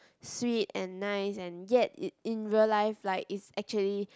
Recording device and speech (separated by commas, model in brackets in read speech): close-talking microphone, conversation in the same room